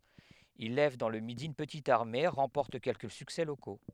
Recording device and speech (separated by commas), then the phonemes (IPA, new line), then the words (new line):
headset microphone, read sentence
il lɛv dɑ̃ lə midi yn pətit aʁme ʁɑ̃pɔʁt kɛlkə syksɛ loko
Il lève dans le Midi une petite armée, remporte quelques succès locaux.